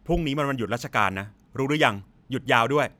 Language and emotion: Thai, frustrated